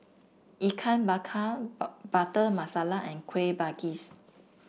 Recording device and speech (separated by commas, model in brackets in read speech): boundary microphone (BM630), read sentence